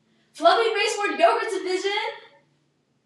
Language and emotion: English, happy